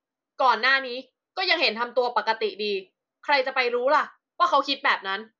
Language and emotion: Thai, angry